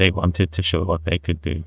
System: TTS, neural waveform model